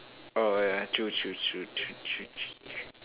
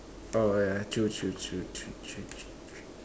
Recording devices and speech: telephone, standing microphone, conversation in separate rooms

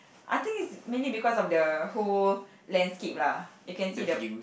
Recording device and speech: boundary microphone, conversation in the same room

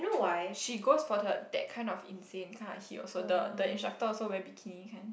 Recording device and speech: boundary microphone, conversation in the same room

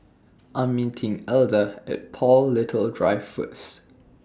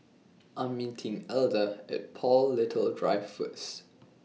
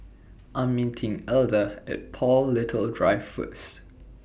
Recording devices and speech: standing microphone (AKG C214), mobile phone (iPhone 6), boundary microphone (BM630), read sentence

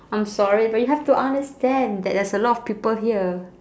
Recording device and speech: standing microphone, conversation in separate rooms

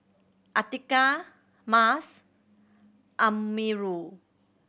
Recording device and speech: boundary microphone (BM630), read sentence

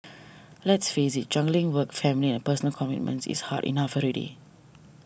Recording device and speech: boundary microphone (BM630), read sentence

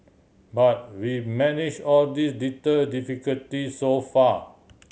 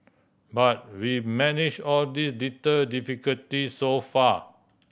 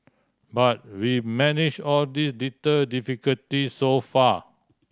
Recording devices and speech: mobile phone (Samsung C7100), boundary microphone (BM630), standing microphone (AKG C214), read sentence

